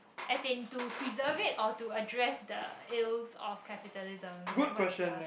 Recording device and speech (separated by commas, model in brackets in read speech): boundary microphone, conversation in the same room